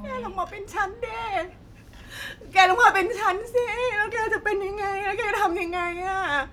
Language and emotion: Thai, sad